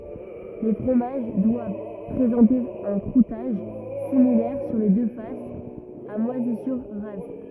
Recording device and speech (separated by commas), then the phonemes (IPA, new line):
rigid in-ear microphone, read sentence
le fʁomaʒ dwav pʁezɑ̃te œ̃ kʁutaʒ similɛʁ syʁ le dø fasz a mwazisyʁ ʁaz